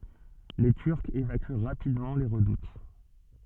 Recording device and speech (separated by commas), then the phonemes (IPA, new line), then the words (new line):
soft in-ear microphone, read sentence
le tyʁkz evaky ʁapidmɑ̃ le ʁədut
Les Turcs évacuent rapidement les redoutes.